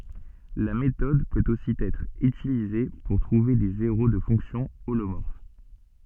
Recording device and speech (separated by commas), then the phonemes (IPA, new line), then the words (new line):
soft in-ear microphone, read sentence
la metɔd pøt osi ɛtʁ ytilize puʁ tʁuve de zeʁo də fɔ̃ksjɔ̃ olomɔʁf
La méthode peut aussi être utilisée pour trouver des zéros de fonctions holomorphes.